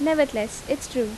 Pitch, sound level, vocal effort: 270 Hz, 82 dB SPL, normal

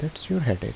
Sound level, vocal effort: 75 dB SPL, soft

